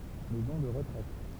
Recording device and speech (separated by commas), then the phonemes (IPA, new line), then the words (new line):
temple vibration pickup, read sentence
mɛzɔ̃ də ʁətʁɛt
Maison de retraite.